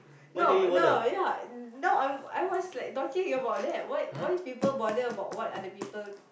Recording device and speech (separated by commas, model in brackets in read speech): boundary microphone, conversation in the same room